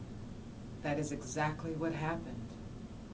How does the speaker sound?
neutral